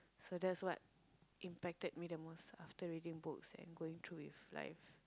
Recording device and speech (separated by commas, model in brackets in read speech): close-talking microphone, conversation in the same room